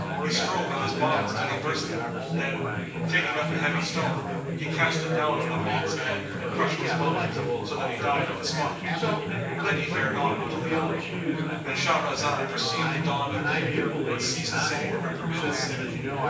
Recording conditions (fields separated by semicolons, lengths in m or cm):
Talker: one person; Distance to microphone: 9.8 m; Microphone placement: far; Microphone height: 1.8 m; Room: large; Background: babble